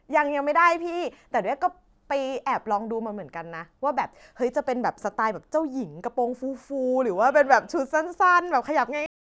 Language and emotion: Thai, happy